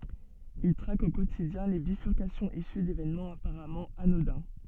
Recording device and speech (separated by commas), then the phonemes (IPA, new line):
soft in-ear microphone, read sentence
il tʁak o kotidjɛ̃ le bifyʁkasjɔ̃z isy devenmɑ̃z apaʁamɑ̃ anodɛ̃